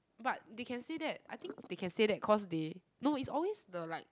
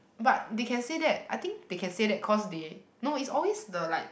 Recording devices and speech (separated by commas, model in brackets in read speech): close-talking microphone, boundary microphone, conversation in the same room